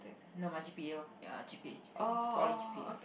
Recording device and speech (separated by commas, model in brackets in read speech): boundary microphone, conversation in the same room